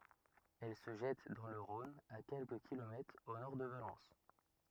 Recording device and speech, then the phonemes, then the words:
rigid in-ear microphone, read sentence
ɛl sə ʒɛt dɑ̃ lə ʁɔ̃n a kɛlkə kilomɛtʁz o nɔʁ də valɑ̃s
Elle se jette dans le Rhône à quelques kilomètres au nord de Valence.

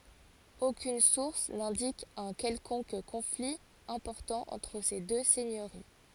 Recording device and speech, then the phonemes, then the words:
forehead accelerometer, read sentence
okyn suʁs nɛ̃dik œ̃ kɛlkɔ̃k kɔ̃fli ɛ̃pɔʁtɑ̃ ɑ̃tʁ se dø sɛɲøʁi
Aucune source n'indique un quelconque conflit important entre ces deux seigneuries.

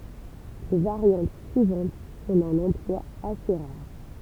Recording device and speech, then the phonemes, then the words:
temple vibration pickup, read sentence
le vaʁjɑ̃t syivɑ̃t sɔ̃ dœ̃n ɑ̃plwa ase ʁaʁ
Les variantes suivantes sont d'un emploi assez rare.

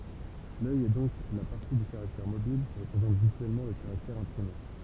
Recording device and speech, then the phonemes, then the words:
temple vibration pickup, read sentence
lœj ɛ dɔ̃k la paʁti dy kaʁaktɛʁ mobil ki ʁəpʁezɑ̃t vizyɛlmɑ̃ lə kaʁaktɛʁ ɛ̃pʁime
L’œil est donc la partie du caractère mobile qui représente visuellement le caractère imprimé.

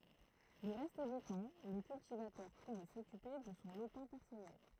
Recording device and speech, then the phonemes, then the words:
throat microphone, read sentence
lə ʁɛst dy tɑ̃ lə kyltivatœʁ puvɛ sɔkype də sɔ̃ lopɛ̃ pɛʁsɔnɛl
Le reste du temps, le cultivateur pouvait s'occuper de son lopin personnel.

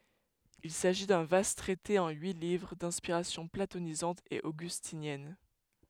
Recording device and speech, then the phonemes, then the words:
headset microphone, read sentence
il saʒi dœ̃ vast tʁɛte ɑ̃ yi livʁ dɛ̃spiʁasjɔ̃ platonizɑ̃t e oɡystinjɛn
Il s'agit d'un vaste traité en huit livres, d'inspiration platonisante et augustinienne.

